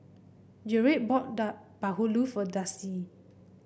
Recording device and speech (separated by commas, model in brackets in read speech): boundary microphone (BM630), read sentence